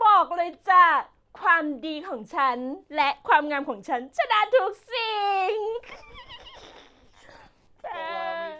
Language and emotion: Thai, happy